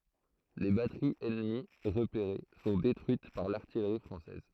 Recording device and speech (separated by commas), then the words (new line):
throat microphone, read sentence
Les batteries ennemies repérées sont détruites par l’artillerie française.